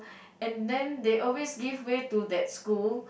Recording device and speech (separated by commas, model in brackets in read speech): boundary microphone, conversation in the same room